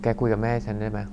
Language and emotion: Thai, frustrated